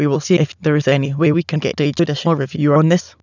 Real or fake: fake